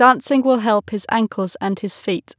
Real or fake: real